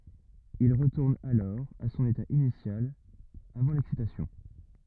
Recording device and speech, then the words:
rigid in-ear microphone, read sentence
Il retourne alors à son état initial avant l'excitation.

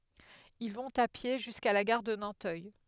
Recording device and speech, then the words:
headset microphone, read sentence
Ils vont à pied jusqu’à la gare de Nanteuil.

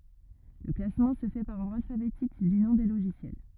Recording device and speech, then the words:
rigid in-ear microphone, read sentence
Le classement se fait par ordre alphabétique du nom des logiciels.

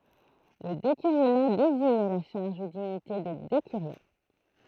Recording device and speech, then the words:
throat microphone, read sentence
Le décurionat désigne la charge ou dignité de décurion.

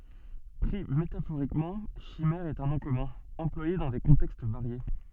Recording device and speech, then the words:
soft in-ear microphone, read sentence
Pris métaphoriquement, chimère est un nom commun, employé dans des contextes variés.

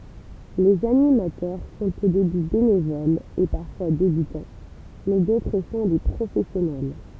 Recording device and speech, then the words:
temple vibration pickup, read sentence
Les animateurs sont au début bénévoles et parfois débutants mais d'autres sont des professionnels.

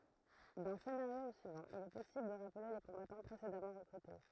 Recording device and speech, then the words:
throat microphone, read sentence
D'un scénario au suivant, il est possible de rappeler les combattants précédemment recrutés.

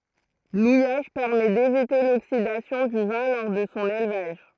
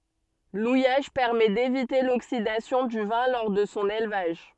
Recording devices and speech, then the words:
throat microphone, soft in-ear microphone, read sentence
L'ouillage permet d'éviter l'oxydation du vin lors de son élevage.

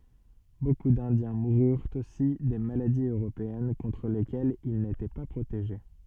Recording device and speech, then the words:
soft in-ear microphone, read sentence
Beaucoup d'Indiens moururent aussi des maladies européennes contre lesquelles ils n'étaient pas protégés.

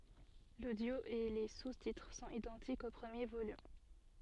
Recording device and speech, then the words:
soft in-ear microphone, read sentence
L'audio et les sous-titres sont identiques au premier volume.

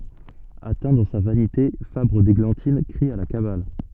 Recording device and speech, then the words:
soft in-ear microphone, read sentence
Atteint dans sa vanité, Fabre d'Églantine crie à la cabale.

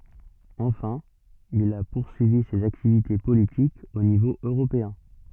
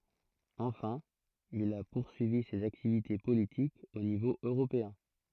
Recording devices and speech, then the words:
soft in-ear microphone, throat microphone, read sentence
Enfin, il a poursuivi ses activités politiques au niveau européen.

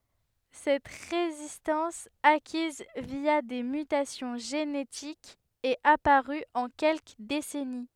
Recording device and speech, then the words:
headset microphone, read sentence
Cette résistance, acquise via des mutations génétiques, est apparue en quelques décennies.

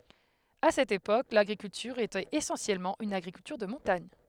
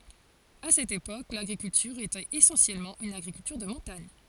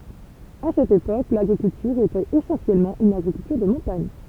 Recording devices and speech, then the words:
headset microphone, forehead accelerometer, temple vibration pickup, read sentence
À cette époque, l'agriculture était essentiellement une agriculture de montagne.

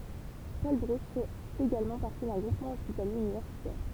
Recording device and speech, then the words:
temple vibration pickup, read sentence
Paul-Brousse fait également partie d'un groupement hospitalier universitaire.

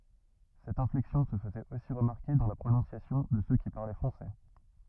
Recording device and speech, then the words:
rigid in-ear microphone, read sentence
Cette inflexion se faisait aussi remarquer dans la prononciation de ceux qui parlaient français.

